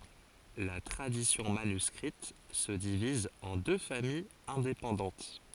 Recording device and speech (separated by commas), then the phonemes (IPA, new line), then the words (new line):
forehead accelerometer, read sentence
la tʁadisjɔ̃ manyskʁit sə diviz ɑ̃ dø famijz ɛ̃depɑ̃dɑ̃t
La tradition manuscrite se divise en deux familles indépendantes.